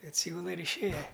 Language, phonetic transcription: Lithuanian, atˈsygula ir išˈėja

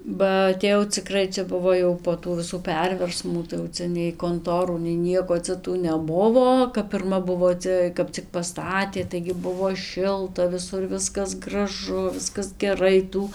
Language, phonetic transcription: Lithuanian, ba atėˈjau ciˈkrai ˈčia ˈbuvo jau po ˈtų viˈsų ˈperversmų tai jau ˈcia nei konˈtorų nei ˈnieko ˈcia tų neˈbuvo kap pirˈma ˈbuvo ˈcia ˈkap cik paˈstatė taigi ˈbuvo ˈšilta viˈsur ˈviskas graˈžu ˈviskas geˈrai ˈtų

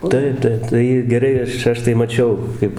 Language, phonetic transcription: Lithuanian, ˈtaip ˈtaip tai ir geˈrai ˈaš ˈaš tai maˈčiau ˈkaip

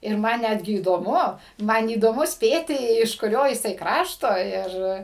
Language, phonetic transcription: Lithuanian, ir ˈman ˈnætgi įdoˈmu ˈman įdoˈmu ˈspėti iš kuˈrio jiˈsai ˈkrašto ˈir

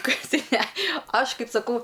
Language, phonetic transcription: Lithuanian, ˈkaip ˈtai ne ˈaš ˈkaip saˈkau

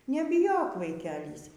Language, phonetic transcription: Lithuanian, nebiˈjok vaiˈkelys

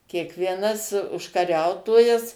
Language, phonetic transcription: Lithuanian, kiekvieˈnas užkaˈriautojas

